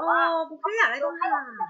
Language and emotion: Thai, frustrated